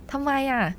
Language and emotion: Thai, frustrated